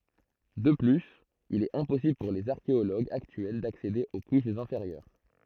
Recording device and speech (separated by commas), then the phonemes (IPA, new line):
throat microphone, read sentence
də plyz il ɛt ɛ̃pɔsibl puʁ lez aʁkeoloɡz aktyɛl daksede o kuʃz ɛ̃feʁjœʁ